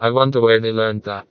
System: TTS, vocoder